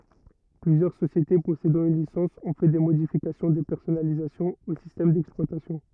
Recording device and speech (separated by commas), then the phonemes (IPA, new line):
rigid in-ear microphone, read sentence
plyzjœʁ sosjete pɔsedɑ̃ yn lisɑ̃s ɔ̃ fɛ de modifikasjɔ̃ də pɛʁsɔnalizasjɔ̃ o sistɛm dɛksplwatasjɔ̃